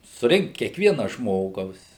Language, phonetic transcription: Lithuanian, suˈrinkt kiekˈviena ˈžmogaus

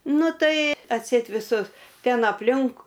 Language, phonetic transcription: Lithuanian, ˈnu ˈtai atˈseit viˈsus ˈten apˈlink

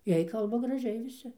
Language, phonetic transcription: Lithuanian, ˈjiej ˈkalba graˈžiai viˈsi

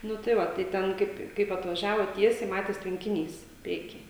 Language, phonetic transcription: Lithuanian, ˈnu tai ˈva tai ˈten ˈkaip kaip atvaˈžiavot ˈtiesiai ˈmatės tvenkiˈnys ˈprieky

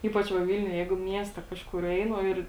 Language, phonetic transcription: Lithuanian, ˈypač va ˈvilniuj ˈjeigu ˈmieste ˈkažkur ˈeinu ˈir

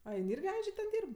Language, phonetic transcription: Lithuanian, a ˈjin ˈirgi ˈandže ten ˈdyrb

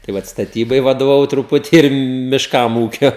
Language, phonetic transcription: Lithuanian, tai ˈvat staˈtybai vadovaˈvau truˈputį ir mišˈkam ˈūkia

